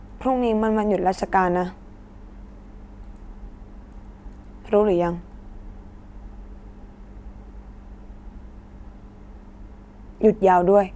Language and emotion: Thai, frustrated